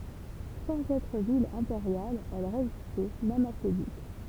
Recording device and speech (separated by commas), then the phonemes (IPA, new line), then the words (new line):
temple vibration pickup, read sentence
sɑ̃z ɛtʁ vil ɛ̃peʁjal ɛl ʁezistɛ mɛm a se dyk
Sans être ville impériale, elle résistait même à ses ducs.